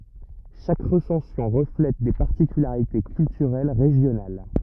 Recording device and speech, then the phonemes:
rigid in-ear microphone, read sentence
ʃak ʁəsɑ̃sjɔ̃ ʁəflɛt de paʁtikylaʁite kyltyʁɛl ʁeʒjonal

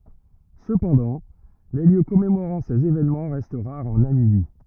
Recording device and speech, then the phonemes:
rigid in-ear microphone, read sentence
səpɑ̃dɑ̃ le ljø kɔmemoʁɑ̃ sez evenmɑ̃ ʁɛst ʁaʁz ɑ̃ namibi

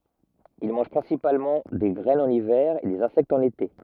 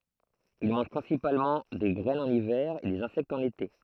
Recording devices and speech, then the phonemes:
rigid in-ear microphone, throat microphone, read sentence
il mɑ̃ʒ pʁɛ̃sipalmɑ̃ de ɡʁɛnz ɑ̃n ivɛʁ e dez ɛ̃sɛktz ɑ̃n ete

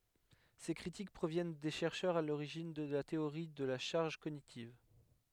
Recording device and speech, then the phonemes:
headset microphone, read sentence
se kʁitik pʁovjɛn de ʃɛʁʃœʁz a loʁiʒin də la teoʁi də la ʃaʁʒ koɲitiv

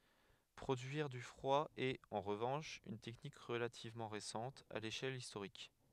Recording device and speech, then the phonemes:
headset microphone, read sentence
pʁodyiʁ dy fʁwa ɛt ɑ̃ ʁəvɑ̃ʃ yn tɛknik ʁəlativmɑ̃ ʁesɑ̃t a leʃɛl istoʁik

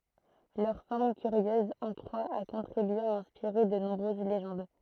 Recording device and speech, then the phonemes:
throat microphone, read sentence
lœʁ fɔʁm kyʁjøz ɑ̃ kʁwa a kɔ̃tʁibye a ɛ̃spiʁe də nɔ̃bʁøz leʒɑ̃d

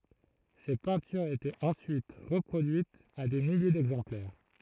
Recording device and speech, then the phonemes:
throat microphone, read sentence
se pɛ̃tyʁz etɛt ɑ̃syit ʁəpʁodyitz a de milje dɛɡzɑ̃plɛʁ

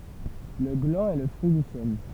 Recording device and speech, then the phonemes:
temple vibration pickup, read sentence
lə ɡlɑ̃ ɛ lə fʁyi dy ʃɛn

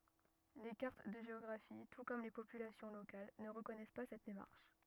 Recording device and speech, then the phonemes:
rigid in-ear microphone, read sentence
le kaʁt də ʒeɔɡʁafi tu kɔm le popylasjɔ̃ lokal nə ʁəkɔnɛs pa sɛt demaʁʃ

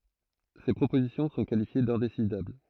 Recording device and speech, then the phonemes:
throat microphone, read sentence
se pʁopozisjɔ̃ sɔ̃ kalifje dɛ̃desidabl

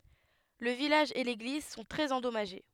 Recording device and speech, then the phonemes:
headset microphone, read sentence
lə vilaʒ e leɡliz sɔ̃ tʁɛz ɑ̃dɔmaʒe

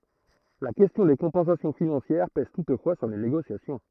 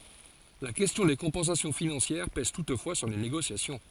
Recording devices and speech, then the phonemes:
throat microphone, forehead accelerometer, read sentence
la kɛstjɔ̃ de kɔ̃pɑ̃sasjɔ̃ finɑ̃sjɛʁ pɛz tutfwa syʁ le neɡosjasjɔ̃

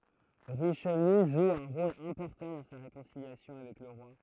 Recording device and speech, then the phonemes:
throat microphone, read sentence
ʁiʃliø ʒu œ̃ ʁol ɛ̃pɔʁtɑ̃ dɑ̃ sa ʁekɔ̃siljasjɔ̃ avɛk lə ʁwa

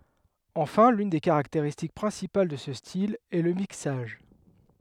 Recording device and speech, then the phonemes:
headset microphone, read sentence
ɑ̃fɛ̃ lyn de kaʁakteʁistik pʁɛ̃sipal də sə stil ɛ lə miksaʒ

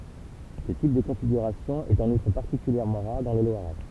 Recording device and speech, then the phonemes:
temple vibration pickup, read sentence
sə tip də kɔ̃fiɡyʁasjɔ̃ ɛt ɑ̃n utʁ paʁtikyljɛʁmɑ̃ ʁaʁ dɑ̃ lə lwaʁɛ

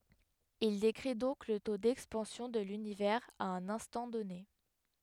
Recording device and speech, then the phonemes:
headset microphone, read sentence
il dekʁi dɔ̃k lə to dɛkspɑ̃sjɔ̃ də lynivɛʁz a œ̃n ɛ̃stɑ̃ dɔne

